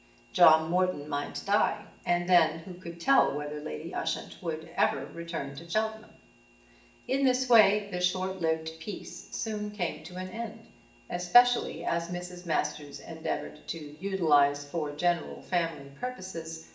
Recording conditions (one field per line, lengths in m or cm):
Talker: one person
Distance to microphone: 1.8 m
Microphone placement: close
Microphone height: 1.0 m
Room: large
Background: none